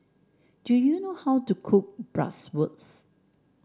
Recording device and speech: standing microphone (AKG C214), read sentence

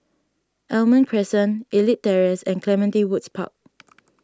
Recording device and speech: standing microphone (AKG C214), read sentence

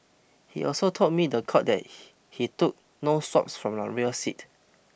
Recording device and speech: boundary microphone (BM630), read sentence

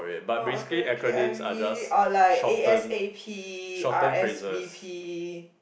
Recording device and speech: boundary microphone, conversation in the same room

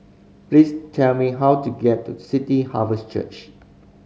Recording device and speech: mobile phone (Samsung C5010), read sentence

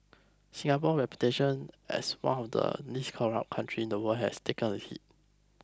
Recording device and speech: close-talking microphone (WH20), read sentence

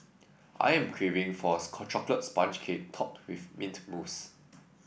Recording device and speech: boundary microphone (BM630), read sentence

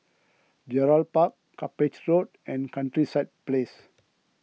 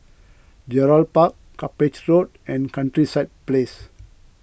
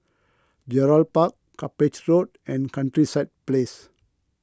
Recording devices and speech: mobile phone (iPhone 6), boundary microphone (BM630), close-talking microphone (WH20), read sentence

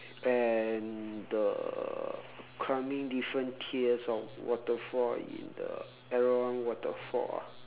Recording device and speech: telephone, conversation in separate rooms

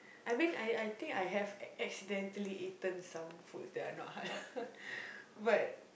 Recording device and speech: boundary microphone, conversation in the same room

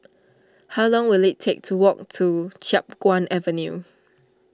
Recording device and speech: standing microphone (AKG C214), read sentence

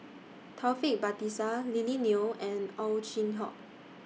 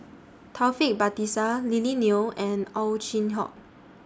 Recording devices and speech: mobile phone (iPhone 6), standing microphone (AKG C214), read sentence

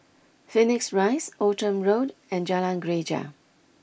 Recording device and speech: boundary microphone (BM630), read sentence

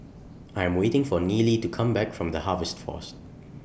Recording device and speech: boundary microphone (BM630), read sentence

